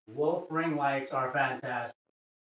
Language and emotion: English, sad